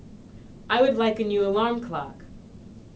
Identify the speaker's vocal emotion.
neutral